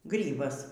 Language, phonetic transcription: Lithuanian, ˈgrybas

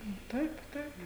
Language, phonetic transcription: Lithuanian, nu ˈtaip ˈtaip

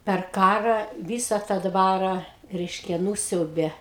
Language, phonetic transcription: Lithuanian, per ˈkara ˈvysa tą ˈdvara ˈreiškia ˈnūsiaubė

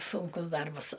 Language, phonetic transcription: Lithuanian, ˈsunkus ˈdarbas

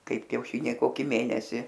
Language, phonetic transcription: Lithuanian, ˈkaip kiauˈšyniai ˈkoki ˈmėnesi

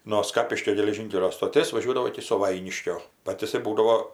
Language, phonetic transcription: Lithuanian, no ˈskapiškio geleˈžynkelio stoˈtės vaˈžiuodavo iki suˈvainiškio ˈbat jiˈsai ˈbūdavo

